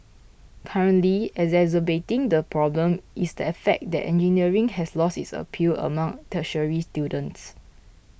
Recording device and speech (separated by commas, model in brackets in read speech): boundary microphone (BM630), read sentence